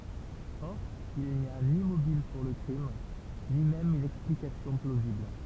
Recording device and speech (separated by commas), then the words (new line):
temple vibration pickup, read sentence
Or, il n'y a ni mobile pour le crime, ni même une explication plausible.